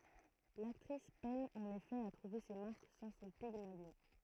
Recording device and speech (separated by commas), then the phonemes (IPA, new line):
throat microphone, read sentence
laktʁis pɛn ɑ̃n efɛ a tʁuve se maʁk sɑ̃ sɔ̃ piɡmaljɔ̃